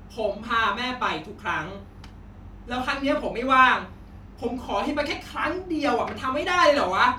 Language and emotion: Thai, angry